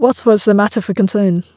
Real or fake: real